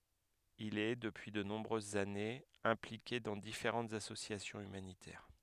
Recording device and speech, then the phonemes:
headset microphone, read sentence
il ɛ dəpyi də nɔ̃bʁøzz anez ɛ̃plike dɑ̃ difeʁɑ̃tz asosjasjɔ̃z ymanitɛʁ

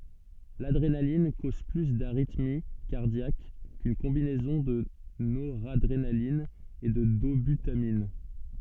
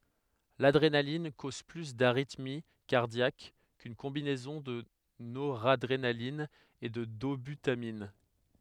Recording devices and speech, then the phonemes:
soft in-ear microphone, headset microphone, read sentence
ladʁenalin koz ply daʁitmi kaʁdjak kyn kɔ̃binɛzɔ̃ də noʁadʁenalin e də dobytamin

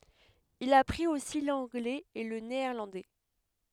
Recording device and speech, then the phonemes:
headset microphone, read sentence
il apʁit osi lɑ̃ɡlɛz e lə neɛʁlɑ̃dɛ

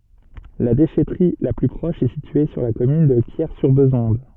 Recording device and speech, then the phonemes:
soft in-ear microphone, read sentence
la deʃɛtʁi la ply pʁɔʃ ɛ sitye syʁ la kɔmyn də kjɛʁsyʁbezɔ̃d

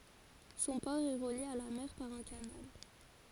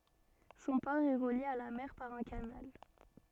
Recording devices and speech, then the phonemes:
forehead accelerometer, soft in-ear microphone, read sentence
sɔ̃ pɔʁ ɛ ʁəlje a la mɛʁ paʁ œ̃ kanal

